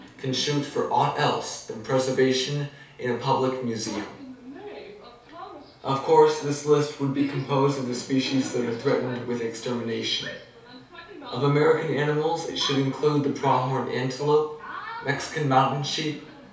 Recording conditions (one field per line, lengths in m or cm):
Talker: one person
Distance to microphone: 3.0 m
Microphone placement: far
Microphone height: 1.8 m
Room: small (3.7 m by 2.7 m)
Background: television